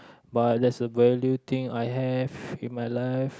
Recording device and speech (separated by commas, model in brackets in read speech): close-talking microphone, conversation in the same room